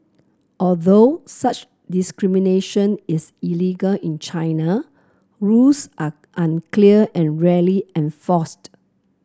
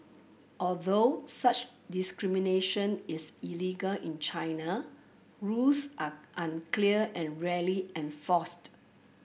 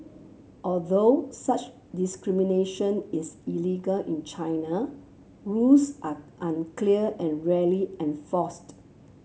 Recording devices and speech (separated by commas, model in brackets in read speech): close-talking microphone (WH30), boundary microphone (BM630), mobile phone (Samsung C7), read sentence